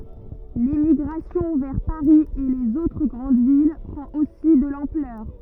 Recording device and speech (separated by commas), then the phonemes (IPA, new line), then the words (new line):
rigid in-ear microphone, read sentence
lemiɡʁasjɔ̃ vɛʁ paʁi e lez otʁ ɡʁɑ̃d vil pʁɑ̃t osi də lɑ̃plœʁ
L'émigration vers Paris et les autres grandes villes prend aussi de l'ampleur.